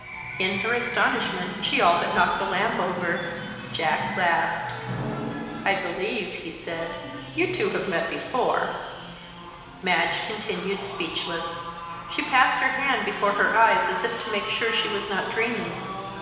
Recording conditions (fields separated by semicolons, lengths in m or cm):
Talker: one person; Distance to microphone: 1.7 m; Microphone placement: close; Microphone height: 1.0 m; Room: very reverberant, large; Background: television